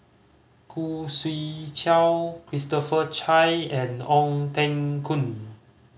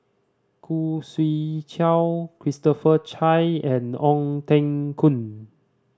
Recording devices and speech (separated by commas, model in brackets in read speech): mobile phone (Samsung C5010), standing microphone (AKG C214), read sentence